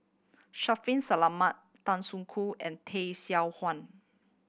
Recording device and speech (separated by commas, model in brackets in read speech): boundary microphone (BM630), read sentence